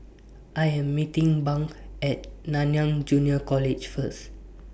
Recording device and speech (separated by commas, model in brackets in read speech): boundary microphone (BM630), read sentence